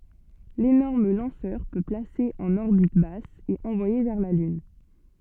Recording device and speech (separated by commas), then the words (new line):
soft in-ear microphone, read sentence
L'énorme lanceur peut placer en orbite basse et envoyer vers la Lune.